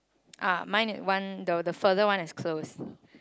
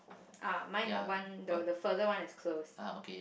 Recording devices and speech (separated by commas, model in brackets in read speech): close-talking microphone, boundary microphone, conversation in the same room